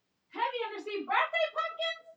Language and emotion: English, surprised